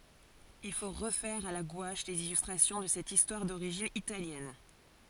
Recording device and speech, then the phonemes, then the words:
forehead accelerometer, read sentence
il fo ʁəfɛʁ a la ɡwaʃ lez ilystʁasjɔ̃ də sɛt istwaʁ doʁiʒin italjɛn
Il faut refaire à la gouache les illustrations de cette histoire d'origine italienne.

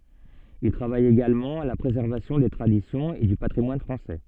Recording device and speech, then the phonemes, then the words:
soft in-ear microphone, read sentence
il tʁavaj eɡalmɑ̃ a la pʁezɛʁvasjɔ̃ de tʁadisjɔ̃z e dy patʁimwan fʁɑ̃sɛ
Il travaille également à la préservation des traditions et du patrimoine français.

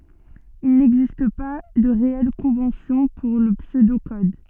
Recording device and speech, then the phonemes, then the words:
soft in-ear microphone, read sentence
il nɛɡzist pa də ʁeɛl kɔ̃vɑ̃sjɔ̃ puʁ lə psødo kɔd
Il n'existe pas de réelle convention pour le pseudo-code.

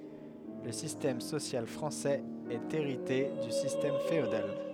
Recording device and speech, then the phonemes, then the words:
headset microphone, read sentence
lə sistɛm sosjal fʁɑ̃sɛz ɛt eʁite dy sistɛm feodal
Le système social français est hérité du système féodal.

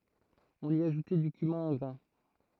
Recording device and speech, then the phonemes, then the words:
throat microphone, read sentence
ɔ̃n i aʒutɛ dy kymɛ̃ ɑ̃ ɡʁɛ̃
On y ajoutait du cumin en grains.

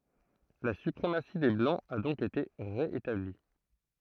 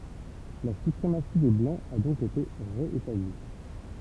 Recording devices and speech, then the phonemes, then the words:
throat microphone, temple vibration pickup, read sentence
la sypʁemasi de blɑ̃z a dɔ̃k ete ʁe etabli
La suprématie des blancs a donc été ré-établie.

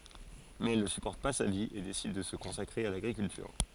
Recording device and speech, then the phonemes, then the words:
forehead accelerometer, read sentence
mɛz ɛl nə sypɔʁt pa sa vi e desid də sə kɔ̃sakʁe a laɡʁikyltyʁ
Mais elle ne supporte pas sa vie et décide de se consacrer à l'agriculture.

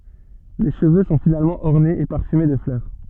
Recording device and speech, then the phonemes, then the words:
soft in-ear microphone, read sentence
le ʃəvø sɔ̃ finalmɑ̃ ɔʁnez e paʁfyme də flœʁ
Les cheveux sont finalement ornés et parfumés de fleurs.

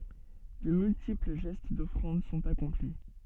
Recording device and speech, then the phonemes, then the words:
soft in-ear microphone, read sentence
də myltipl ʒɛst dɔfʁɑ̃d sɔ̃t akɔ̃pli
De multiples gestes d'offrande sont accomplis.

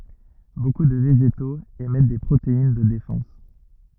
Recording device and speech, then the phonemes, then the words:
rigid in-ear microphone, read sentence
boku də veʒetoz emɛt de pʁotein də defɑ̃s
Beaucoup de végétaux émettent des protéines de défense.

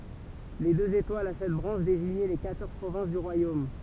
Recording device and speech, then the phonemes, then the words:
temple vibration pickup, read sentence
le døz etwalz a sɛt bʁɑ̃ʃ deziɲɛ le kwatɔʁz pʁovɛ̃s dy ʁwajom
Les deux étoiles a sept branches désignaient les quatorze provinces du royaume.

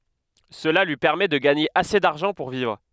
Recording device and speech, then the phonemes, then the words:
headset microphone, read sentence
səla lyi pɛʁmɛ də ɡaɲe ase daʁʒɑ̃ puʁ vivʁ
Cela lui permet de gagner assez d'argent pour vivre.

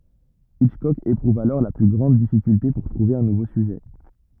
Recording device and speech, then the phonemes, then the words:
rigid in-ear microphone, read sentence
itʃkɔk epʁuv alɔʁ le ply ɡʁɑ̃d difikylte puʁ tʁuve œ̃ nuvo syʒɛ
Hitchcock éprouve alors les plus grandes difficultés pour trouver un nouveau sujet.

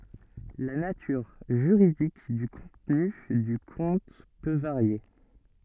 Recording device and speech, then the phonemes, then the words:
soft in-ear microphone, read sentence
la natyʁ ʒyʁidik dy kɔ̃tny dy kɔ̃t pø vaʁje
La nature juridique du contenu du compte peux varier.

